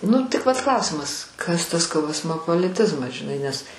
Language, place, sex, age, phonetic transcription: Lithuanian, Aukštaitija, female, 60+, ˈnu tik vat ˈklausimas ˈkas tas kaˈosmopoliˌtizmas žiˈnai nes

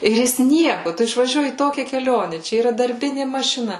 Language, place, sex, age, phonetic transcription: Lithuanian, Suvalkija, female, 18-60, ir ˈjis ˈnieku ˈtu išvaˈžiuoji į ˈtokia keˈlione ˈčia yˈra darˈbini mašiˈna

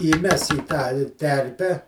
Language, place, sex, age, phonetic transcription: Lithuanian, Žemaitija, male, 60+, įˈmes į tą i ˈterpe

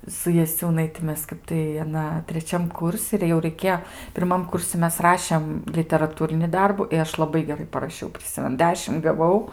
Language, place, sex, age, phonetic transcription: Lithuanian, Aukštaitija, female, 18-60, su jaˈsiūnaiti ˈmes ˈkap tai aˈna treˈčiam ˈkursi ir jau raiˈkėjo pirˈmam ˈkursi ˈmes ˈrašem literaˈtūrini ˈdarbu i ˈaš laˈbai geˈrai paraˈšiau priˈsimenu ˈdešim gaˈvau

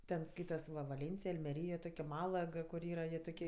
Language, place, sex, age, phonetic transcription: Lithuanian, Aukštaitija, female, 18-60, ˈten ˈskaitas va vaˈlėncij almeˈryj jo ˈtok' i ˈmalag kur ˈyra jie toˈkie

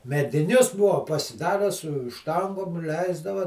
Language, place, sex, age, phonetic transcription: Lithuanian, Žemaitija, male, 60+, mediˈnius ˈbuvo pasiˈdarę su ˈštangom ˈleisdava

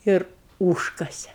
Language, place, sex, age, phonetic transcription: Lithuanian, Aukštaitija, female, 60+, ˈir ˈūžkase

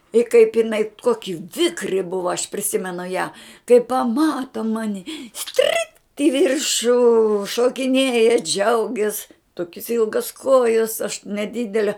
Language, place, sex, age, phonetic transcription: Lithuanian, Žemaitija, female, 60+, i kaip iˈnai ˈkoki ˈvikri ˈbuva aš priˈsimenu ją kai paˈmata ˈmani ˈstrykt i ˈviršu šokiˈnėja ˈdžiaugias ˈtokis ˈilgas ˈkojas aš neˈdidele

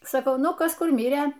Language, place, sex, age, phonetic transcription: Lithuanian, Aukštaitija, female, 60+, saˈkau ˈnu ˈkas ˈkur ˈmirė

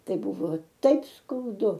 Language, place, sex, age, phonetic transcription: Lithuanian, Aukštaitija, female, 60+, ˈtai ˈbuvo ˈtaip skauˈdu

